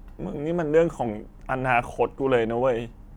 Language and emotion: Thai, sad